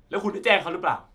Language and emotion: Thai, angry